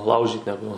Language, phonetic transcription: Lithuanian, ˈlaužyt neˈgu

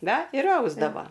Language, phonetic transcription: Lithuanian, ˈna ir ˈausdavo

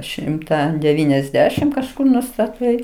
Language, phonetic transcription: Lithuanian, ˈšimta deˈvyniasˌdešim kažˈkur nustaˈtai

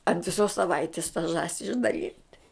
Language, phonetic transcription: Lithuanian, ant viˈsos saˈvaitis ta ˈžąsi išdaˈlynt'

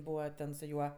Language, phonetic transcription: Lithuanian, ˈbūva ˈten su ˈjuo

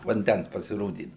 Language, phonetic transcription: Lithuanian, vanˈdæns pasiˈrodydau

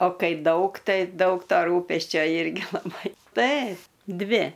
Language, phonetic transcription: Lithuanian, o ˈkai ˈdaug ˈtai ˈdaug ˈto ˈrūpesčio ˈirgi laˈbai ˈtai ˈdvi

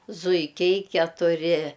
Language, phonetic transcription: Lithuanian, zuiˈkiai ketuˈri

